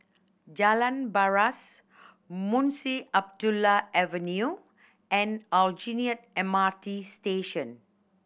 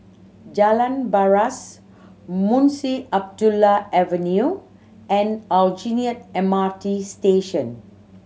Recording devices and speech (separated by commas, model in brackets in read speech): boundary microphone (BM630), mobile phone (Samsung C7100), read sentence